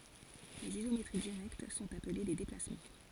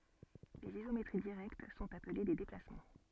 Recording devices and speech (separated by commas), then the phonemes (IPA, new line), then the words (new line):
forehead accelerometer, soft in-ear microphone, read sentence
lez izometʁi diʁɛkt sɔ̃t aple de deplasmɑ̃
Les isométries directes sont appelés des déplacements.